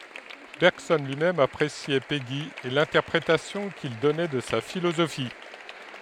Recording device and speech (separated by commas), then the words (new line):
headset microphone, read sentence
Bergson lui-même appréciait Péguy et l'interprétation qu'il donnait de sa philosophie.